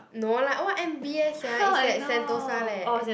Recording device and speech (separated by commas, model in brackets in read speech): boundary microphone, conversation in the same room